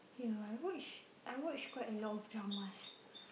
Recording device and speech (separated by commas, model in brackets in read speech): boundary microphone, conversation in the same room